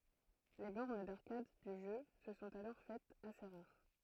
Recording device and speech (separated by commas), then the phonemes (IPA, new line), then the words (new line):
throat microphone, read sentence
le bɔʁn daʁkad dy ʒø sə sɔ̃t alɔʁ fɛtz ase ʁaʁ
Les bornes d'arcade du jeu se sont alors faites assez rares.